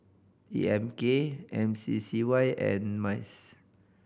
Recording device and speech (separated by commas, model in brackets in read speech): boundary microphone (BM630), read sentence